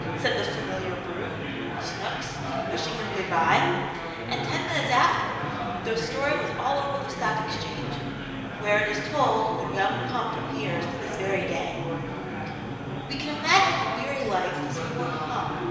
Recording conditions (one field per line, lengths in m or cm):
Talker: one person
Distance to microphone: 1.7 m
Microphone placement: close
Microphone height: 1.0 m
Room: very reverberant, large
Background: babble